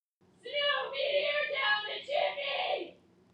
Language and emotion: English, sad